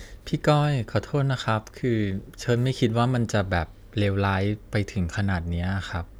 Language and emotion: Thai, sad